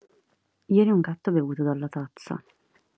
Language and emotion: Italian, neutral